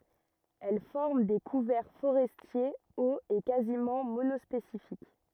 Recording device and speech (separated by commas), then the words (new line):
rigid in-ear microphone, read sentence
Elle forme des couverts forestiers hauts et quasiment monospécifiques.